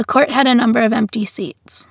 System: none